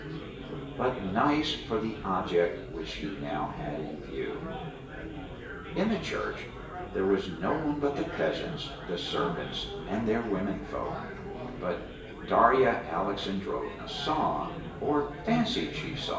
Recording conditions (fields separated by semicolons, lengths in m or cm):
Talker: one person; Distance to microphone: 1.8 m; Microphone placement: close; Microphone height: 1.0 m; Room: large; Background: babble